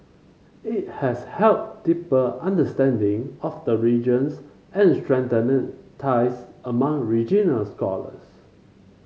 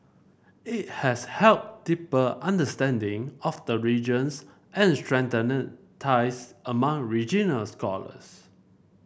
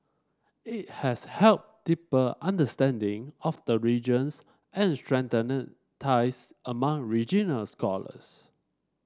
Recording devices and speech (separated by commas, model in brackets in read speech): mobile phone (Samsung C5), boundary microphone (BM630), standing microphone (AKG C214), read sentence